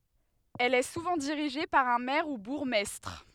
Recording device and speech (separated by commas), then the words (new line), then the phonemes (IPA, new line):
headset microphone, read sentence
Elle est souvent dirigée par un maire ou bourgmestre.
ɛl ɛ suvɑ̃ diʁiʒe paʁ œ̃ mɛʁ u buʁɡmɛstʁ